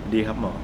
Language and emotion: Thai, frustrated